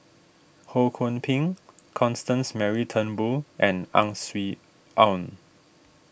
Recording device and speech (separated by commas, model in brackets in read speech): boundary microphone (BM630), read sentence